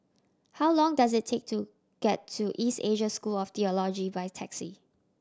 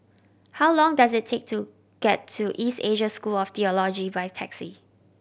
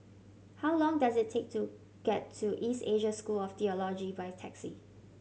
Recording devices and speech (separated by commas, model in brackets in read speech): standing microphone (AKG C214), boundary microphone (BM630), mobile phone (Samsung C7100), read sentence